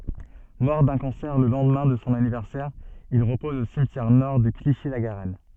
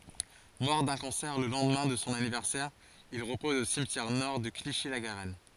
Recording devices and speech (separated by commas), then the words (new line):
soft in-ear microphone, forehead accelerometer, read sentence
Mort d'un cancer le lendemain de son anniversaire, il repose au cimetière-Nord de Clichy-la-Garenne.